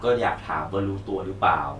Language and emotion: Thai, neutral